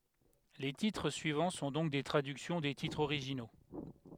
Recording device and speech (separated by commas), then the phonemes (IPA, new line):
headset microphone, read sentence
le titʁ syivɑ̃ sɔ̃ dɔ̃k de tʁadyksjɔ̃ de titʁz oʁiʒino